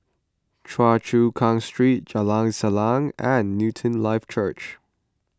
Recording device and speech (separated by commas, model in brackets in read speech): close-talking microphone (WH20), read sentence